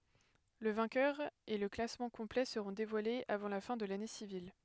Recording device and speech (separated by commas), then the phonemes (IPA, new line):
headset microphone, read sentence
lə vɛ̃kœʁ e lə klasmɑ̃ kɔ̃plɛ səʁɔ̃ devwalez avɑ̃ la fɛ̃ də lane sivil